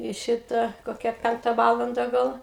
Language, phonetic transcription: Lithuanian, i ˈšita koˈkia ˈpenkta ˈvalanda ˈgal

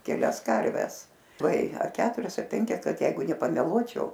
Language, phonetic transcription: Lithuanian, keˈlias ˈkarves lai ar ˈketurias a ˈpenkias ˈkad ˈjeigu nepameˈluočiau

